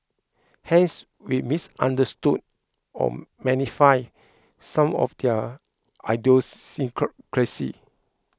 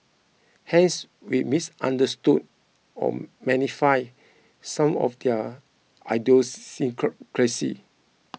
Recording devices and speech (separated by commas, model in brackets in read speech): close-talking microphone (WH20), mobile phone (iPhone 6), read sentence